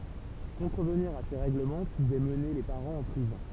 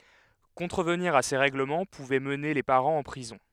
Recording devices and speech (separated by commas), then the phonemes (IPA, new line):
temple vibration pickup, headset microphone, read sentence
kɔ̃tʁəvniʁ a se ʁɛɡləmɑ̃ puvɛ məne le paʁɑ̃z ɑ̃ pʁizɔ̃